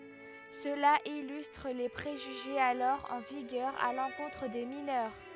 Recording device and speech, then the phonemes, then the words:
headset microphone, read sentence
səla ilystʁ le pʁeʒyʒez alɔʁ ɑ̃ viɡœʁ a lɑ̃kɔ̃tʁ de minœʁ
Cela illustre les préjugés alors en vigueur à l'encontre des mineurs.

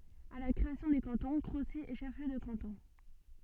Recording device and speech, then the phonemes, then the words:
soft in-ear microphone, read sentence
a la kʁeasjɔ̃ de kɑ̃tɔ̃ kʁosi ɛ ʃɛf ljø də kɑ̃tɔ̃
À la création des cantons, Crocy est chef-lieu de canton.

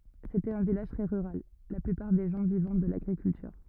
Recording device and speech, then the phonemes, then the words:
rigid in-ear microphone, read sentence
setɛt œ̃ vilaʒ tʁɛ ʁyʁal la plypaʁ de ʒɑ̃ vivɑ̃ də laɡʁikyltyʁ
C'était un village très rural, la plupart des gens vivant de l'agriculture.

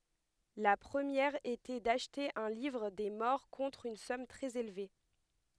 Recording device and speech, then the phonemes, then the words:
headset microphone, read sentence
la pʁəmjɛʁ etɛ daʃte œ̃ livʁ de mɔʁ kɔ̃tʁ yn sɔm tʁɛz elve
La première était d'acheter un livre des morts contre une somme très élevée.

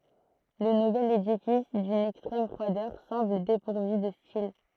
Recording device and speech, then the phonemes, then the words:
throat microphone, read sentence
lə nuvɛl edifis dyn ɛkstʁɛm fʁwadœʁ sɑ̃bl depuʁvy də stil
Le nouvel édifice, d'une extrême froideur, semble dépourvu de style.

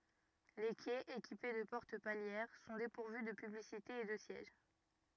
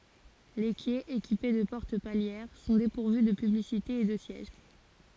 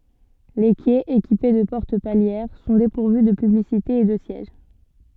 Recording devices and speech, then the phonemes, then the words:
rigid in-ear microphone, forehead accelerometer, soft in-ear microphone, read sentence
le kɛz ekipe də pɔʁt paljɛʁ sɔ̃ depuʁvy də pyblisitez e də sjɛʒ
Les quais, équipés de portes palières, sont dépourvus de publicités et de sièges.

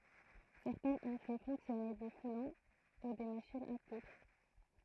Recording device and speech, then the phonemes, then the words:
throat microphone, read sentence
sɛʁtɛ̃z ɔ̃ fɛ fɔ̃ksjɔne de fulɔ̃ u de maʃinz a kudʁ
Certains ont fait fonctionner des foulons ou des machines à coudre.

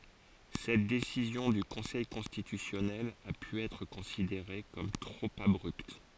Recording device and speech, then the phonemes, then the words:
forehead accelerometer, read sentence
sɛt desizjɔ̃ dy kɔ̃sɛj kɔ̃stitysjɔnɛl a py ɛtʁ kɔ̃sideʁe kɔm tʁop abʁypt
Cette décision du Conseil constitutionnel a pu être considérée comme trop abrupte.

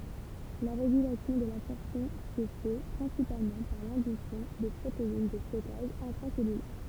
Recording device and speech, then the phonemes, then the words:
temple vibration pickup, read sentence
la ʁeɡylasjɔ̃ də labsɔʁpsjɔ̃ sə fɛ pʁɛ̃sipalmɑ̃ paʁ lɛ̃dyksjɔ̃ də pʁotein də stɔkaʒ ɛ̃tʁasɛlylɛʁ
La régulation de l'absorption se fait principalement par l'induction de protéines de stockage intracellulaires.

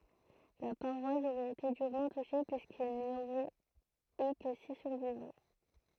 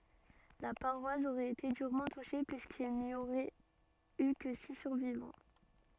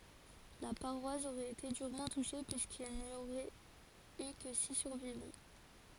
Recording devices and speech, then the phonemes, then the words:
throat microphone, soft in-ear microphone, forehead accelerometer, read sentence
la paʁwas oʁɛt ete dyʁmɑ̃ tuʃe pyiskil ni oʁɛt y kə si syʁvivɑ̃
La paroisse aurait été durement touchée puisqu'il n'y aurait eu que six survivants.

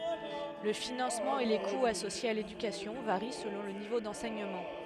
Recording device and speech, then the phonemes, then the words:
headset microphone, read sentence
lə finɑ̃smɑ̃ e le kuz asosjez a ledykasjɔ̃ vaʁi səlɔ̃ lə nivo dɑ̃sɛɲəmɑ̃
Le financement et les coûts associés à l'éducation varient selon le niveau d'enseignement.

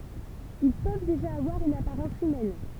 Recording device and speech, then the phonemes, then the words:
temple vibration pickup, read sentence
il pøv deʒa avwaʁ yn apaʁɑ̃s ymɛn
Ils peuvent déjà avoir une apparence humaine.

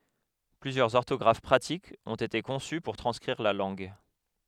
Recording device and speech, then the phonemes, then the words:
headset microphone, read sentence
plyzjœʁz ɔʁtɔɡʁaf pʁatikz ɔ̃t ete kɔ̃sy puʁ tʁɑ̃skʁiʁ la lɑ̃ɡ
Plusieurs orthographes pratiques ont été conçues pour transcrire la langue.

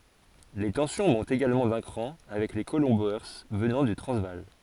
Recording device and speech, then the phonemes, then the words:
forehead accelerometer, read sentence
le tɑ̃sjɔ̃ mɔ̃tt eɡalmɑ̃ dœ̃ kʁɑ̃ avɛk le kolɔ̃ boe vənɑ̃ dy tʁɑ̃zvaal
Les tensions montent également d'un cran avec les colons Boers venant du Transvaal.

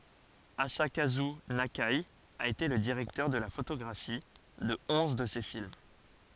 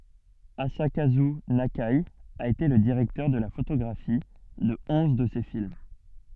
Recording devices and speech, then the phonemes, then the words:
forehead accelerometer, soft in-ear microphone, read sentence
azakazy nake a ete lə diʁɛktœʁ də la fotoɡʁafi də ɔ̃z də se film
Asakazu Nakai a été le directeur de la photographie de onze de ses films.

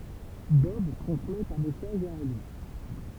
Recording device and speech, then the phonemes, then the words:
temple vibration pickup, read sentence
bɔb tʁɑ̃smɛt œ̃ mɛsaʒ a alis
Bob transmet un message à Alice.

